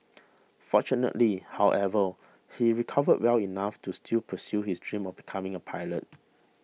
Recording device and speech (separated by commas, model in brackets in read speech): mobile phone (iPhone 6), read sentence